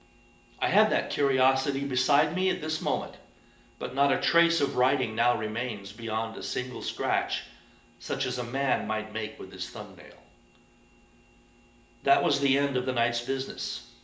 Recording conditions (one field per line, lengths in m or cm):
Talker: one person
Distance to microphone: 1.8 m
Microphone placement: close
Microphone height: 1.0 m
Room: large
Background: none